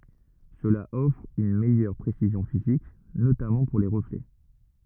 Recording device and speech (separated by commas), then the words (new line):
rigid in-ear microphone, read sentence
Cela offre une meilleur précision physique, notamment pour les reflets.